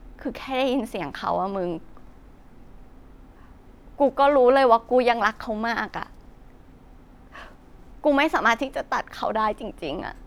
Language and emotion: Thai, sad